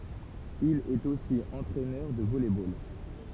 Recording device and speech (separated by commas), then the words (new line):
temple vibration pickup, read sentence
Il est aussi entraineur de volley-ball.